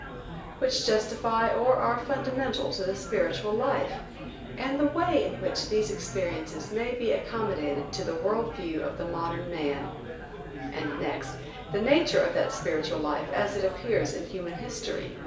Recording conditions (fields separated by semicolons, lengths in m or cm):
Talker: one person; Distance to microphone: 1.8 m; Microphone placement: close; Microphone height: 1.0 m; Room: large; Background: babble